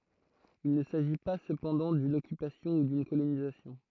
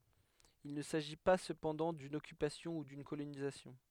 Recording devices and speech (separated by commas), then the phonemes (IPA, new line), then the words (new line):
throat microphone, headset microphone, read sentence
il nə saʒi pa səpɑ̃dɑ̃ dyn ɔkypasjɔ̃ u dyn kolonizasjɔ̃
Il ne s'agit pas cependant d'une occupation ou d'une colonisation.